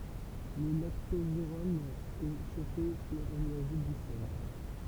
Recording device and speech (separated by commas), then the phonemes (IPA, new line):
temple vibration pickup, read sentence
lə laktozeʁɔm ɛ ʃofe e ɔ̃n i aʒut dy sɛl